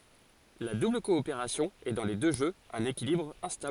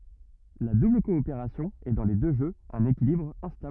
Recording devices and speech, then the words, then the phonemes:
forehead accelerometer, rigid in-ear microphone, read sentence
La double coopération est dans les deux jeux un équilibre instable.
la dubl kɔopeʁasjɔ̃ ɛ dɑ̃ le dø ʒøz œ̃n ekilibʁ ɛ̃stabl

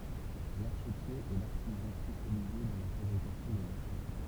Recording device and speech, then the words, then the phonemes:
temple vibration pickup, read sentence
L'archetier est l'artisan spécialisé dans la fabrication des archets.
laʁʃətje ɛ laʁtizɑ̃ spesjalize dɑ̃ la fabʁikasjɔ̃ dez aʁʃɛ

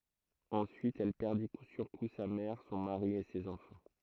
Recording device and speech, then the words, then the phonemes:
throat microphone, read sentence
Ensuite elle perdit coup sur coup sa mère, son mari et ses enfants.
ɑ̃syit ɛl pɛʁdi ku syʁ ku sa mɛʁ sɔ̃ maʁi e sez ɑ̃fɑ̃

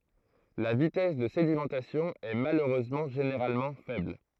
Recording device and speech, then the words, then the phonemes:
throat microphone, read sentence
La vitesse de sédimentation est malheureusement généralement faible.
la vitɛs də sedimɑ̃tasjɔ̃ ɛ maløʁøzmɑ̃ ʒeneʁalmɑ̃ fɛbl

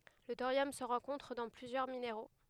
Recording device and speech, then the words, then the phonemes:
headset microphone, read sentence
Le thorium se rencontre dans plusieurs minéraux.
lə toʁjɔm sə ʁɑ̃kɔ̃tʁ dɑ̃ plyzjœʁ mineʁo

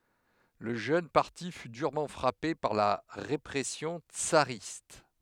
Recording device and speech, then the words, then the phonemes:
headset microphone, read sentence
Le jeune parti fut durement frappé par la répression tsariste.
lə ʒøn paʁti fy dyʁmɑ̃ fʁape paʁ la ʁepʁɛsjɔ̃ tsaʁist

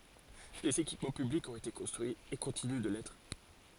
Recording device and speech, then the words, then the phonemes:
forehead accelerometer, read sentence
Des équipements publics ont été construits et continuent de l'être.
dez ekipmɑ̃ pyblikz ɔ̃t ete kɔ̃stʁyiz e kɔ̃tiny də lɛtʁ

